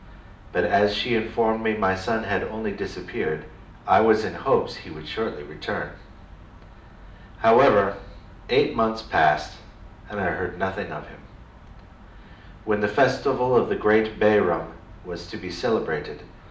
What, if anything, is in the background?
Nothing.